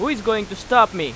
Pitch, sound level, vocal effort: 220 Hz, 98 dB SPL, very loud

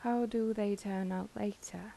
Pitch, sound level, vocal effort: 200 Hz, 80 dB SPL, soft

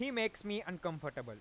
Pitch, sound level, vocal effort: 180 Hz, 95 dB SPL, loud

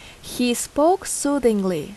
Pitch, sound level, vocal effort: 245 Hz, 81 dB SPL, loud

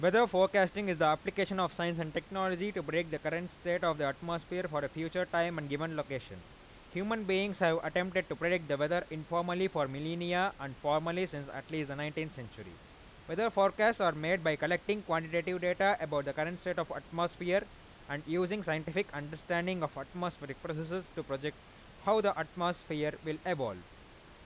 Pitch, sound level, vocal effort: 170 Hz, 94 dB SPL, very loud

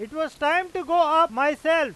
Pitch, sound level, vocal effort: 315 Hz, 104 dB SPL, very loud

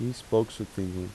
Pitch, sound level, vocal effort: 110 Hz, 82 dB SPL, soft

